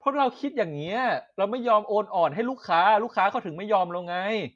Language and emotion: Thai, angry